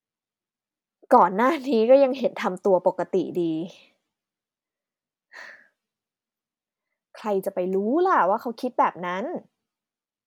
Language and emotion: Thai, frustrated